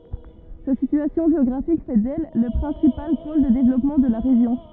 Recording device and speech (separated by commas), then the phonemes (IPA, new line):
rigid in-ear microphone, read sentence
sa sityasjɔ̃ ʒeɔɡʁafik fɛ dɛl lə pʁɛ̃sipal pol də devlɔpmɑ̃ də la ʁeʒjɔ̃